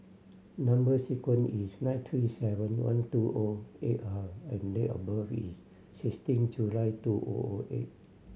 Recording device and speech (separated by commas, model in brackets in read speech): mobile phone (Samsung C7100), read sentence